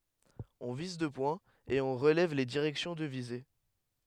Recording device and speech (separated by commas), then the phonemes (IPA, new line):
headset microphone, read sentence
ɔ̃ viz dø pwɛ̃z e ɔ̃ ʁəlɛv le diʁɛksjɔ̃ də vize